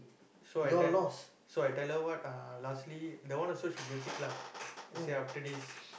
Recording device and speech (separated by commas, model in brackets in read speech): boundary microphone, conversation in the same room